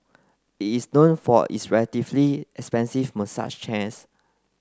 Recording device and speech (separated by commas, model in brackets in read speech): close-talking microphone (WH30), read sentence